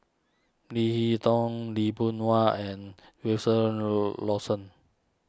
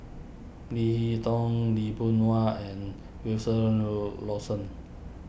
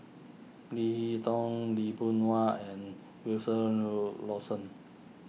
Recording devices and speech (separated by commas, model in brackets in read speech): standing microphone (AKG C214), boundary microphone (BM630), mobile phone (iPhone 6), read sentence